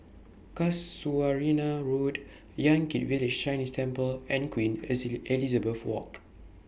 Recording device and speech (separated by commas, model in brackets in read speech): boundary microphone (BM630), read sentence